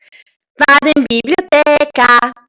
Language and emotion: Italian, happy